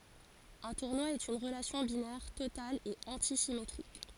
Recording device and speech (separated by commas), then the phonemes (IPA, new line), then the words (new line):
forehead accelerometer, read sentence
œ̃ tuʁnwa ɛt yn ʁəlasjɔ̃ binɛʁ total e ɑ̃tisimetʁik
Un tournoi est une relation binaire totale et antisymétrique.